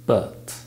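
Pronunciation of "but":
'But' is said in its weak form, with the schwa sound in place of the vowel.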